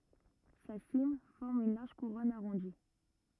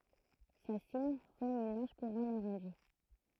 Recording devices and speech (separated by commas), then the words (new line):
rigid in-ear microphone, throat microphone, read sentence
Sa cime forme une large couronne arrondie.